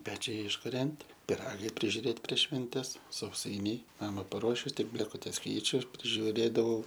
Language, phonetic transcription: Lithuanian, ˈpečiai iškuˈrent' piˈragai prižiuˈrėt' prieš švenˈtes sauˈsainiai ˈnama paˈruošiu ˈtik blėkuˈtes ˈkeičiu prižiuˈrėdavau

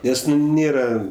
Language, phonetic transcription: Lithuanian, ˈnes nu ˈnėra

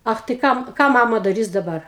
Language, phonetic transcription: Lithuanian, ˈach tai ˈkam ˈką ˈmama daˈrys daˈbar

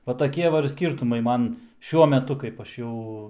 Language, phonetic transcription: Lithuanian, va taˈkie va ir ˈskyrtumai ˈman ˈšiuo meˈtu kaip ˈaš ˈjau

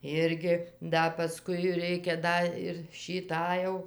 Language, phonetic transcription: Lithuanian, ˈirgi ˈda paˈskui ˈreikia ˈda ir šį ˈtą jau

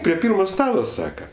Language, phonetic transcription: Lithuanian, prie ˈpyrmo ˈstalo ˈsaka

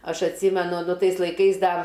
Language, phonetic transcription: Lithuanian, ˈaš atˈsymenu ˈnu ˈtais laiˈkais ˈda

